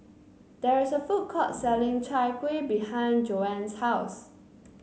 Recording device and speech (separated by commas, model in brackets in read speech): mobile phone (Samsung C9), read sentence